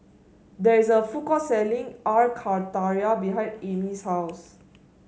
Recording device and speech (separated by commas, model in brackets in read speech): mobile phone (Samsung S8), read sentence